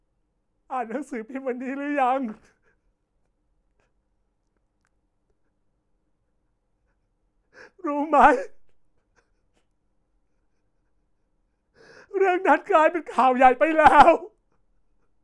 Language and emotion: Thai, sad